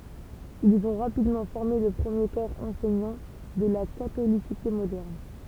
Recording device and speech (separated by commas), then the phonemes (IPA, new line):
temple vibration pickup, read sentence
ilz ɔ̃ ʁapidmɑ̃ fɔʁme lə pʁəmje kɔʁ ɑ̃sɛɲɑ̃ də la katolisite modɛʁn